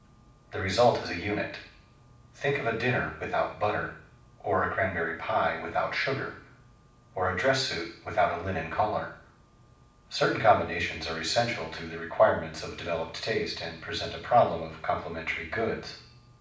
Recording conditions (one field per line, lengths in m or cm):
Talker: one person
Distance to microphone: 5.8 m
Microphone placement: far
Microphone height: 1.8 m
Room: medium-sized (5.7 m by 4.0 m)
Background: none